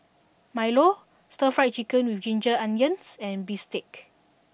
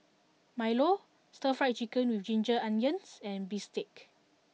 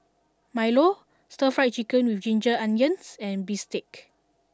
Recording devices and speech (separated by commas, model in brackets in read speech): boundary microphone (BM630), mobile phone (iPhone 6), standing microphone (AKG C214), read sentence